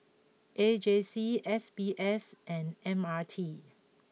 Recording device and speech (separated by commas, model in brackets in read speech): mobile phone (iPhone 6), read sentence